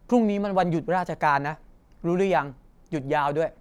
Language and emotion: Thai, neutral